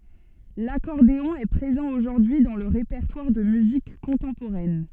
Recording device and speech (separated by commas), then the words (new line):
soft in-ear microphone, read sentence
L'accordéon est présent aujourd'hui dans le répertoire de musique contemporaine.